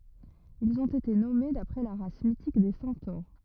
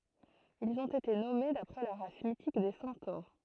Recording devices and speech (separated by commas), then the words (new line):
rigid in-ear microphone, throat microphone, read sentence
Ils ont été nommés d'après la race mythique des centaures.